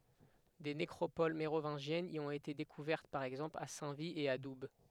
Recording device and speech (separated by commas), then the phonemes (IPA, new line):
headset microphone, read sentence
de nekʁopol meʁovɛ̃ʒjɛnz i ɔ̃t ete dekuvɛʁt paʁ ɛɡzɑ̃pl a sɛ̃ vi e a dub